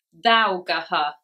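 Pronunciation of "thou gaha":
The word 'though' is pronounced incorrectly here. It is said as 'thou gaha', sounding out the spelling, instead of the correct 'though'.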